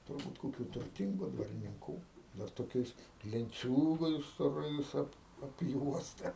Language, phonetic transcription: Lithuanian, turˈbūt koˈkių turˈtingu dvarininˈkų dar toˈkiais lenˈciūgais stoˈrais ˈap apˈjuosta

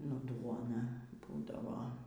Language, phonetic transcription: Lithuanian, nu ˈduona ˈbūdavo

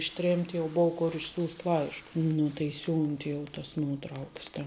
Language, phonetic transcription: Lithuanian, išˈtrėmt' jau ˈbou ˈkur išˈsiųst' ˈlaiškus ˈnu tai ˈsiūnti jau tas ˈnuotrauks ten

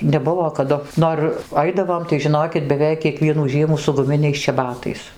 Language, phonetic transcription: Lithuanian, neˈbuvo kaˈdu ˈnor ˈaidavom tai žiˈnokit beˈveik kieˈkvienų ˈžiemų su guˈminiais čeˈbatais

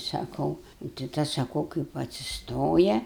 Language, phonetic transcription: Lithuanian, saˈkau nu tai ˈtas saˈkau kaip atsisˈtoja

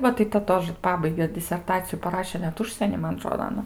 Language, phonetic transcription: Lithuanian, ˈva tai ta ˈtožə ˈpabaige diserˈtaciju paˈraše net ˈužsieny ˈman aˈtrodo aˈna

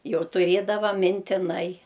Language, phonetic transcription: Lithuanian, ˈjau tuˈriedava mintiˈnai

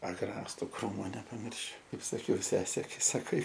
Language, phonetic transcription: Lithuanian, aˈgrastu ˈkrūmo nepaˈmiršiu ˈkaip saˈkiau ˈsesė saˈkai

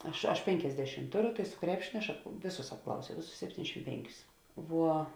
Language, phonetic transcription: Lithuanian, ˈaš aš ˈpenkiasdešim ˈtuˌru su ˈkrepšinio aš ap ˈvėˌsus apˈklausiau ˈvėˌsus sepˈtyniasdešim ˈpenˌkius ˈvuo

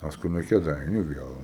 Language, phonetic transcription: Lithuanian, ˈpaskui nuo kėˈdainiu ˈviel

